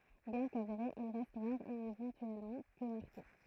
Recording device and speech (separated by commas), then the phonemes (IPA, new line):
throat microphone, read sentence
bjɛ̃ kaveʁe il ʁɛst ʁaʁ e evɑ̃tyɛlmɑ̃ pø maʁke